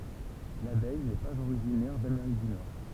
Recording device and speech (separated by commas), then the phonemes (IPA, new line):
temple vibration pickup, read sentence
labɛj nɛ paz oʁiʒinɛʁ dameʁik dy nɔʁ